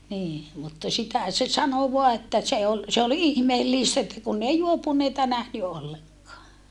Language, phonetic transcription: Finnish, nii , mutta sitä , se sano voa että se ol , se ol ihmeellìstä että kunn ‿ei juopuneita nähny olleŋk̀aa .
- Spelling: niin mutta sitä se sanoi vain että se oli se oli ihmeellistä että kun ei juopuneita nähnyt ollenkaan

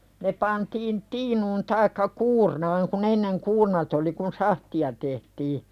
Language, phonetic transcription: Finnish, ne pantiin 'tiinuun taikka "kuurnaaŋ kun ‿enneŋ "kuurnat ‿oli kun "sahti₍a tehtii .
- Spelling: ne pantiin tiinuun tai kuurnaan kun ennen kuurnat oli kun sahtia tehtiin

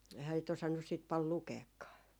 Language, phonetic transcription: Finnish, 'ehä 'sit 'osannus siit 'pal "lukeekkaa .
- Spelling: eihän sitä osannut sitten paljon lukeakaan

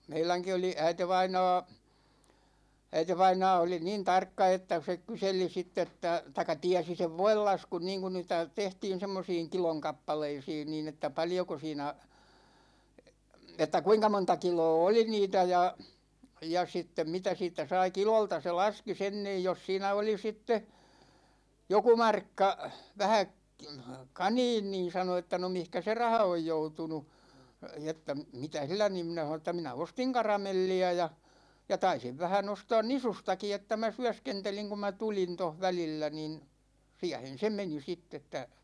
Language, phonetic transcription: Finnish, 'meiläŋki oli 'äitevainaa , 'äitevainaa oli "niin 'tarkka että se 'kyseli 'sitt ‿että , taikka 'tiäsi sev "voillaskun 'niiŋkun niitä , 'tehtiin̬ 'semmosiiŋ "kiloŋ 'kappaleisiin niin ‿että 'paljoko siinä , että 'kuinka 'monta 'kiloo "oli 'niitä ja , ja 'sittem 'mitä 'siit̆tä 'sai "kilolta se "laski 'sen niij 'jos siinä oli 'sitte , 'joku "markka , 'vähä k- , "kaniin niin̬ sano että » no 'mihkä se "raha oj 'joutunu , että , 'mitä "sillä « niim 'minä ʰanon ‿että » 'minä "ostiŋ "karamelli₍ä ja , ja 'taisiv 'vähä'n ‿ostaan "nisustaki että mä "syäskenteliŋ kum mä 'tulin toh "välillä nin , 'siähen̬ "se meni 'sitt « ‿että .
- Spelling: meidänkin oli äitivainaa äitivainaa oli niin tarkka että se kyseli sitten että tai tiesi sen voinlaskun niin kun niitä tehtiin semmoisiin kilon kappaleisiin niin että paljonko siinä että kuinka monta kiloa oli niitä ja ja sitten mitä siitä sai kilolta se laski sen niin jos siinä oli sitten joku markka vähän - kaniin niin sanoi että no mihinkä se raha on joutunut että mitä sillä niin minä sanoin että minä ostin karamelliä ja ja taisin vähän ostaa nisustakin että minä syöskentelin kun minä tulin tuossa välillä niin siihen se meni sitten että

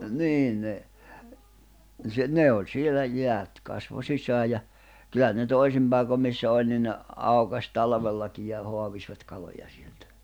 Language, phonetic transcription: Finnish, 'nii ne , nⁱ se 'ne oĺ sielä 'jeät , kasvo 'sisää ja , 'kyl̆lä ne 'toisim paikom missä 'òĺ ni ne , 'àukas 'talᵃvellaki ʲ ja , 'hoavisvat 'kaloja sieltᴀ̈ .
- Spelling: niin ne niin se ne oli siellä jäät kasvoi sisään ja kyllä ne toisin paikoin missä oli niin ne aukaisi talvellakin ja ja haavivat kaloja sieltä

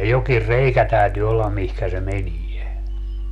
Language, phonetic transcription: Finnish, 'jokir "reikä 'tä̀ytyy ollam 'mihkä se "menie .
- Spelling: jokin reikä täytyy olla mihin se menee

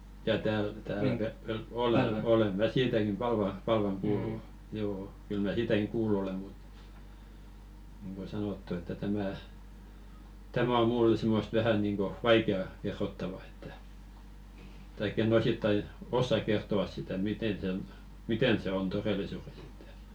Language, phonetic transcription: Finnish, jaa tääl , 'täälä Ve- 'Vel- 'olè , "olem mä "siitäkim 'Palva , Palvam (pual o) , 'joo , kyl mä "siitäkiŋ 'kuullu ole mut , nⁱŋɢo "sanottu että 'tämä̀ , "tämä o 'mullᵉ simmost 'vähä niŋɢo , "vaike₍a 'kerrottava että , taikk ‿en̆'n ‿osittai , "ossak 'kert̀o₍as sitä 'miten sen , "miten se 'on "torelisures ‿ᴇttᴀ̈ .
- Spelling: jaa täällä täällä - - olen olen minä siitäkin Palva Palvan puoli on joo kyllä minä siitäkin kuullut olen mutta niin kuin sanottu että tämä tämä on minulle semmoista vähän niin kuin vaikeaa kerrottavaa että tai en osittain osaa kertoa sitä miten sen miten se on todellisuudessa että

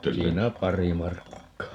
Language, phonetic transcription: Finnish, 'siinä "pari 'markkaa .
- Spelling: siinä pari markkaa

